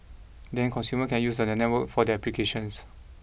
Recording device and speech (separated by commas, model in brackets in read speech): boundary microphone (BM630), read sentence